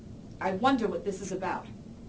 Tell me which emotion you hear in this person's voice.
angry